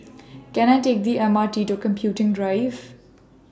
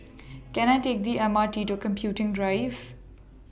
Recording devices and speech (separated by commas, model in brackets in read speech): standing microphone (AKG C214), boundary microphone (BM630), read sentence